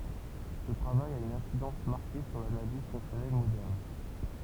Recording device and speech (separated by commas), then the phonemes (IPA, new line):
temple vibration pickup, read sentence
sə tʁavaj a yn ɛ̃sidɑ̃s maʁke syʁ lanaliz fɔ̃ksjɔnɛl modɛʁn